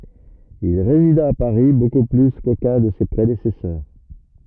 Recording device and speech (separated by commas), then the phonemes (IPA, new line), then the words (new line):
rigid in-ear microphone, read sentence
il ʁezida a paʁi boku ply kokœ̃ də se pʁedesɛsœʁ
Il résida à Paris beaucoup plus qu'aucun de ses prédécesseurs.